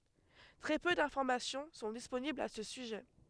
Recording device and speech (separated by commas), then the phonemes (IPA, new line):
headset microphone, read sentence
tʁɛ pø dɛ̃fɔʁmasjɔ̃ sɔ̃ disponiblz a sə syʒɛ